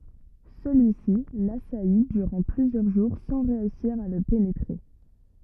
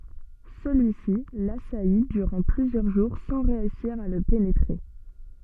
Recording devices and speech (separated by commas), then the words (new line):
rigid in-ear microphone, soft in-ear microphone, read sentence
Celui-ci l'assaillit durant plusieurs jours sans réussir à le pénétrer.